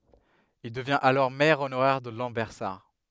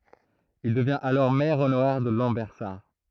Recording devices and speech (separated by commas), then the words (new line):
headset microphone, throat microphone, read sentence
Il devient alors maire honoraire de Lambersart.